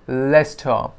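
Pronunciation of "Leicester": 'Leicester' is pronounced correctly here. The stress is on the first syllable, 'le', and the rest is said slowly and gently as 'star'.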